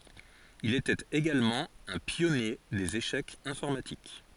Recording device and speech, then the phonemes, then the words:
forehead accelerometer, read sentence
il etɛt eɡalmɑ̃ œ̃ pjɔnje dez eʃɛkz ɛ̃fɔʁmatik
Il était également un pionnier des échecs informatiques.

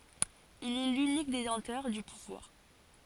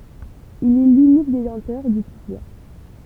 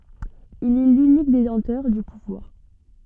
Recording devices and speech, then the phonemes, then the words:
forehead accelerometer, temple vibration pickup, soft in-ear microphone, read sentence
il ɛ lynik detɑ̃tœʁ dy puvwaʁ
Il est l'unique détenteur du pouvoir.

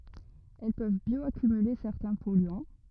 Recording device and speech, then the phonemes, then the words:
rigid in-ear microphone, read sentence
ɛl pøv bjɔakymyle sɛʁtɛ̃ pɔlyɑ̃
Elles peuvent bioaccumuler certains polluants.

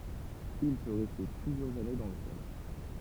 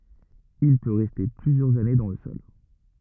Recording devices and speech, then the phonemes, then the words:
temple vibration pickup, rigid in-ear microphone, read sentence
il pø ʁɛste plyzjœʁz ane dɑ̃ lə sɔl
Il peut rester plusieurs années dans le sol.

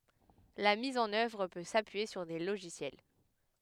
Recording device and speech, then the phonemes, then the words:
headset microphone, read sentence
la miz ɑ̃n œvʁ pø sapyije syʁ de loʒisjɛl
La mise en œuvre peut s'appuyer sur des logiciels.

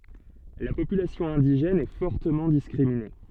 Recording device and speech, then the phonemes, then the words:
soft in-ear microphone, read sentence
la popylasjɔ̃ ɛ̃diʒɛn ɛ fɔʁtəmɑ̃ diskʁimine
La population indigène est fortement discriminée.

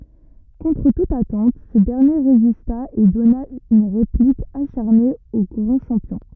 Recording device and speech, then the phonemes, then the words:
rigid in-ear microphone, read sentence
kɔ̃tʁ tut atɑ̃t sə dɛʁnje ʁezista e dɔna yn ʁeplik aʃaʁne o ɡʁɑ̃ ʃɑ̃pjɔ̃
Contre toute attente, ce dernier résista et donna une réplique acharnée au grand champion.

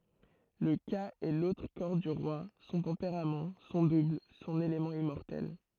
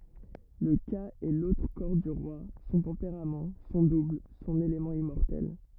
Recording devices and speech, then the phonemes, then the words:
throat microphone, rigid in-ear microphone, read sentence
lə ka ɛ lotʁ kɔʁ dy ʁwa sɔ̃ tɑ̃peʁam sɔ̃ dubl sɔ̃n elemɑ̃ immɔʁtɛl
Le Ka est l'autre corps du roi, son tempérament, son double, son élément immortel.

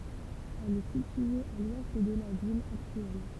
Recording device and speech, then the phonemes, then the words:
temple vibration pickup, read sentence
ɛl ɛ sitye a lwɛst də la vil aktyɛl
Elle est située à l'ouest de la ville actuelle.

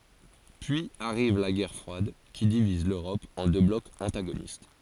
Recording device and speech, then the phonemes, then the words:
forehead accelerometer, read sentence
pyiz aʁiv la ɡɛʁ fʁwad ki diviz løʁɔp ɑ̃ dø blɔkz ɑ̃taɡonist
Puis arrive la guerre froide, qui divise l’Europe en deux blocs antagonistes.

